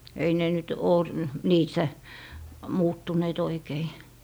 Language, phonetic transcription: Finnish, ei ne nyt oo , "niissä , muuttuneet oikei .
- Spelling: ei ne nyt ole niissä muuttuneet oikein

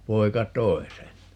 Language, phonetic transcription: Finnish, 'poi̮ka "t̀oi̮ sen .
- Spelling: poika toi sen

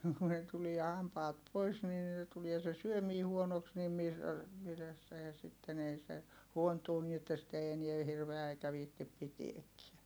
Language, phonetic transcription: Finnish, ku ne tulia hampaat pois nii (niille) tulia se syömii huonoks nim mis , mitäs se ja sitten ‿ei se , huontuu nii että sit ‿ei eniɛ hirveä eikä viihtip pitiekkiä .
- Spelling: kun ne tulee hampaat pois niin niille tulee se syöminen huonoksi niin - mitäs se ja sitten ei se huontuu niin että sitä ei enää hirveä eikä viitsi pitääkään

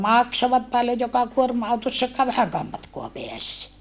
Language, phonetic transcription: Finnish, maksovat paljoj joka kuorma₍autossakkaa vähäŋkääm matkoa peäs .
- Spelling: maksoivat paljon joka kuorma-autossakaan vähänkään matkaa pääsi

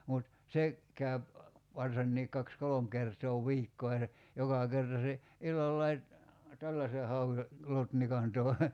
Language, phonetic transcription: Finnish, mut , 'se , käyp , varsanniik 'kaks "kolom kertoo "viikkoo ja (se) , 'joka 'kerta se , 'illallai , "tälläse 'hau₍e , 'lotnikan tòi̬ .
- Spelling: mutta se käy varsinkin kaksi kolme kertaa viikkoon ja se joka kerta se illallakin tällaisen hauen lotnikan toi

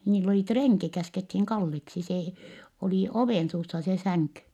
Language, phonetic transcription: Finnish, niill ‿olì treŋki , käskethiŋ Kalleksi see , olì ovènsuussa se säŋky .
- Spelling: niillä oli renki käskettiin Kalleksi se oli ovensuussa se sänky

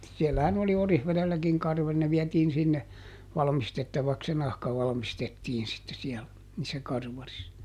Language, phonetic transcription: Finnish, siellähän oli ˈOrihvelelläkiŋ ˈkarvali - ne ˈviɛtiin sinne , ˈvalmistettavaks se ˈnahka ˈvalᵃmistettiin sitte siɛl , niissä ˈkarvaris .
- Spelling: siellähän oli Orivedelläkin karvari ne vietiin sinne valmistettavaksi se nahka valmistettiin sitten siellä niissä karvareissa

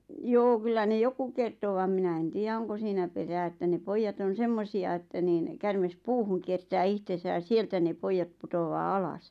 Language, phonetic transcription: Finnish, 'joo 'kyllä ne "joku 'kerto vam 'minä en 'tiijä "oŋko siinä perää että ne "poijjat ‿on̬ "semmosi₍a että niin , 'kärmes "puuhu ŋ kiertää 'ihtesä ʲa "sieltä ne 'poijjaᵗ 'putowaa "alas .
- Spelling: joo kyllä ne jotkut kertoi vaan minä en tiedä onko siinä perää että ne pojat on semmoisia että niin käärme puuhun - kiertää itsensä ja sieltä ne pojat putoaa alas

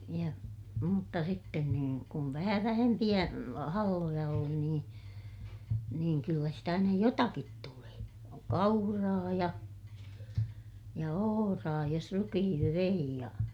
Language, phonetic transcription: Finnish, ja , mutta sitten kun , kum vähä vähempiʲä , halloja oli niin , niiŋ kyllä sitä nyj jotakit tulee , kauraa ja , ja ohoraa jos rukihiŋkiv vei ja ,.
- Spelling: ja mutta sitten kun kun vähän vähempiä halloja oli niin niin kyllä sitä nyt jotakin tulee kauraa ja ja ohraa jos rukiinkin vei ja

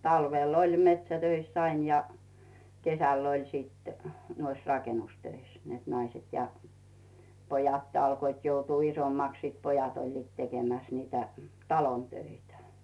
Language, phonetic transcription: Finnish, 'talvel ‿oĺ 'metsätöiss ‿'ain ja 'kesä̀ll ‿oĺ sìt , nuois "rakenustöis , net 'naiset ja , 'pojatt ‿alkoit joutuu 'isommaks sìt 'pojat oĺliit 'tekemäs niitä , "talon 'töitä .
- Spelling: talvella oli metsätöissä aina ja kesällä oli sitten noissa rakennustöissä että naiset ja pojat alkoivat joutua isommaksi sitten pojat olivat tekemässä niitä talon töitä

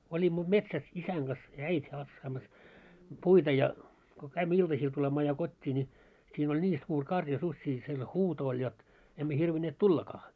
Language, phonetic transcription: Finnish, olimmo 'metsäs 'isäŋ ɢas ja "äit́ has̳s̳§aamas , puita ja , ko 'käimmä 'iltasiil tulemaa ja 'kot́t́ii ńi , siin ‿oĺ 'ńii 'suur karja 'suśśii siel 'huuto oĺ jot , emmä hirvineet "tullakaa .
- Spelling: olimme metsässä isän kanssa ja äiti hakkaamassa puita ja kun kävimme iltasilla tulemaan ja kotiin niin siinä oli niin suuri karja susia siellä huuto oli jotta emme hirvinneet tullakaan

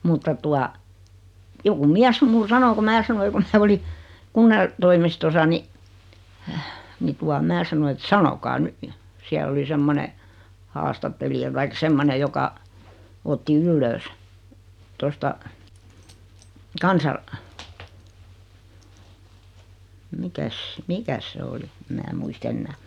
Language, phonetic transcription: Finnish, mutta 'tua , 'joku "miäs sem mul 'sano ku 'mää sanoi kun̬ se oli , 'kunnan- , -toimistosa ni , 'ni tua 'mää sano et » "sanokaa 'ny « , 'siäl ‿oli 'semmone , "haastatteli₍a taik 'semmone joka , 'otti "yllöös , tosta , 'kansa- , 'mikäs , "mikäs se 'oli , em 'mää 'muis"t ‿ennää .
- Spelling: mutta tuota joku mies sen minulle sanoi kun minä sanoin kun se oli - kunnantoimistossa niin niin tuota minä sanoin että sanokaa nyt siellä oli semmoinen haastattelija tai semmoinen joka otti ylös tuosta - mikäs mikäs se oli en minä muista enää

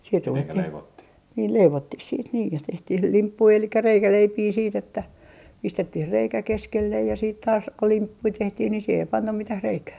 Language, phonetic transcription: Finnish, siit ruvettih , niil "leivottih 'siit niij ja 'tehtih "limppui elikkä "reikäleipii siit ‿että , 'pistettih 'reikä 'keskellej ja siit taas , ko "limppui 'tehtih ni siihe ei 'pannam 'mitäh 'reikää .
- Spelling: sitten ruvettiin niin leivottiin sitten niin ja tehtiin limppuja eli reikäleipiä sitten että pistettiin reikä keskelle ja sitten taas kun limppuja tehtiin niin siihen ei panna mitään reikää

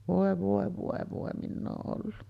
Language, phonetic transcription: Finnish, 'vòe vòe vòe vòe 'minn ‿oo , ’ollu .
- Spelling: voi voi voi voi minä olen ollut

